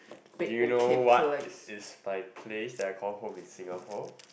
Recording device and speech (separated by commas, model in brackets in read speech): boundary microphone, conversation in the same room